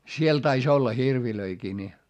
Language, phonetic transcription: Finnish, siel tais ‿olla hirvilöikii ni .
- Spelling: siellä taisi olla hirviäkin niin

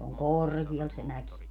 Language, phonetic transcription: Finnish, se oŋ "kòr̀Gi₍al se 'mäki .
- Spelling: se on korkealla se mäki

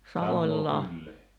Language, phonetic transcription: Finnish, 'Savoĺ'ĺah- ,.
- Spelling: -

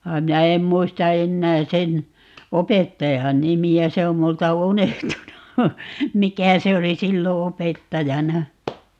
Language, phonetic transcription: Finnish, va (ei) 'minä em 'muista "ennää 'sen , "opettajan 'nimi₍ä - 'se om 'multa "unehtunu , "mikä 'se oli 'sillo "opettajana .
- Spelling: vaan ei minä en muista enää sen opettajan nimeä se on minulta unohtunut mikä se oli silloin opettajana

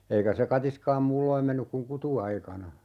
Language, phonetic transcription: Finnish, 'eikä se 'katiskaam "muulloim 'mennyk kuŋ "kutu₍aikana .
- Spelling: eikä se katiskaan muulloin mennyt kuin kutuaikana

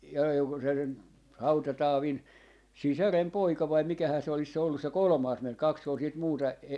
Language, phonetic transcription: Finnish, ja (olko se nyt) , 'Hauta₍'Taavin 'sisärem"poika vai 'mikähää se olis se ollus se "kolᵒmaas ('mies) 'kaks ‿ol siit 'muuta ,.
- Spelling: ja oliko se nyt Hauta-Taavin sisarenpoika vai mikähän se olisi se ollut se kolmas mies kaksi oli sitten muuta

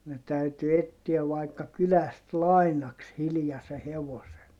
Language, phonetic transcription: Finnish, ne täyty ettiäv vaikka kyläst lainaks hilⁱjase hevosen .
- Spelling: ne täytyi etsiä vaikka kylästä lainaksi hiljaisen hevosen

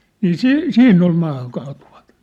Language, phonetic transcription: Finnish, 'nii "si'- , "siinn ‿ol maahaŋkaatuvᴀ(tauti) .
- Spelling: niin - siinä oli maahankaatuvatauti

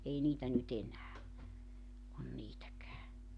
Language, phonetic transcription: Finnish, ei 'niitä ny't ‿enää , on 'niitäkää .
- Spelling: ei niitä nyt enää ole niitäkään

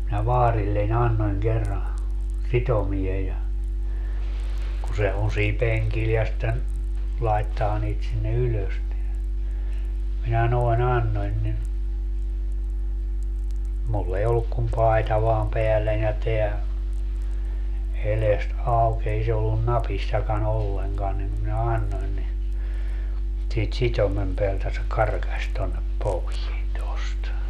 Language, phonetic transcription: Finnish, minä 'vaarille'ń ‿annoń kerra , 'sitomie ja , ku se 'on̬ siim 'peŋkil ja sⁱtten , 'laittaa niit sinne 'ylös (--) , 'minä noi̮"n ‿annoń ni , 'mull ‿ei 'olluk kum "pai̮ta vaam 'peälläń ja 'teä , 'elest "auk 'ei se ollun "napissaka"n ‿olleŋkan nim minä "annoin ni , siit 'sit́omem peältä se 'karkaś tonnep 'povien 'tost .
- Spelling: minä vaarilleni annoin kerran sitomen ja kun se on siinä penkillä ja sitten laittaa niitä sinne ylös - minä noin annoin niin minulla ei ollut kuin paita vain päälläni ja tämä edestä auki ei se ollut napissakaan ollenkaan niin minä annoin niin siitä sitomen päältä se karkasi tuonne poveen tuosta

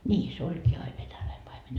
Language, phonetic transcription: Finnish, nii , se 'oĺkii ai 'venäläi paime .
- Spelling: niin se olikin aina venäläinen paimen

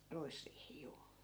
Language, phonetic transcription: Finnish, 'ruisriihi 'juu .
- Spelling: ruisriihi juu

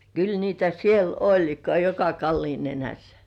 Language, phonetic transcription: Finnish, kyl niitä 'siel "oĺ ka-'joka "kalliin 'nenässᴀ̈ .
- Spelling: kyllä niitä siellä oli joka kallion nenässä

